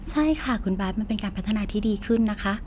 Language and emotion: Thai, happy